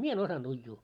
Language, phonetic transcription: Finnish, 'mie en 'osanᴅ 'uijjuu .
- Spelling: minä en osannut uida

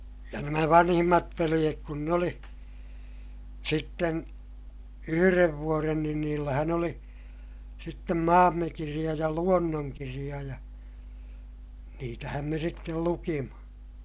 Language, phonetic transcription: Finnish, ja nämä vanhimmat veliʲek kun n ‿oli , sitten , yhyrev vuoren niin niillähän ‿ oli , sittem Maammekiriʲa ja Luonnoŋkiriʲa ja , niitähäm me sittel lukima .
- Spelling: ja nämä vanhimmat veljet kun ne oli sitten yhden vuoden niin niillähän oli sitten Maammekirja ja Luonnonkirja ja niitähän me sitten luimme

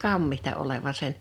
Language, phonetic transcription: Finnish, kammihta oleva 'sen .
- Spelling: kammitsa olevan sen

